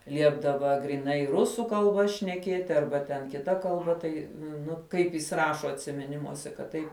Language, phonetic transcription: Lithuanian, ˈliepdava gryˈnai ˈrusų kalˈba šneˈkieti ˈarba ten kiˈta kalˈba ˈtai ˈnu ˈkaip jis ˈrašo atsimiˈnimuose kad ˈtaip

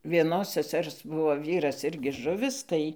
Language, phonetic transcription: Lithuanian, vieˈnos seˈsers ˈbuvo ˈvyras ˈirgi ˈžuvis ˈtai

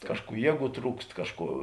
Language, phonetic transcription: Lithuanian, ˈkažˌkų ˈjieˌgų ˈtrūkst ˈkažˌkų

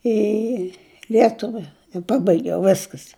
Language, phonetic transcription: Lithuanian, į ˈlietuvia i ˈpabaigiau ˈveskas

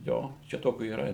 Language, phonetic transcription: Lithuanian, ˈjo čia ˈtokiu yˈra

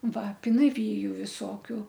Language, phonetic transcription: Lithuanian, ˈva pinaˈvyju viˈsokiu

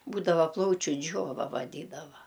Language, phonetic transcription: Lithuanian, ˈbūdava ˈplaučiu ˈdžiova vaˈdydava

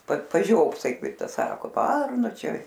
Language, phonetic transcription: Lithuanian, pat paˈžiopsai ˈkaip ˈtas ˈsako ˈvarnu ˈčia

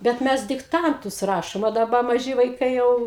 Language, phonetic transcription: Lithuanian, bet ˈmes dikˈtantus ˈrašom a daˈba maˈži vaiˈkai ˈjau

